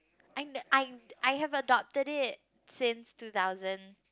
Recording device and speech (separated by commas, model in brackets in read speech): close-talking microphone, conversation in the same room